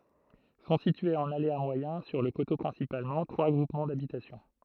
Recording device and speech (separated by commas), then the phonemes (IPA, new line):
throat microphone, read sentence
sɔ̃ sityez ɑ̃n alea mwajɛ̃ syʁ lə koto pʁɛ̃sipalmɑ̃ tʁwa ɡʁupmɑ̃ dabitasjɔ̃